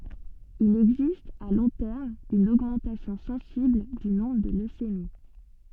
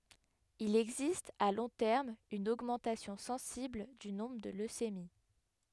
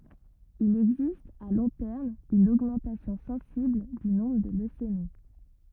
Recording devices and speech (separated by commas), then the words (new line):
soft in-ear microphone, headset microphone, rigid in-ear microphone, read sentence
Il existe, à long terme, une augmentation sensible du nombre de leucémies.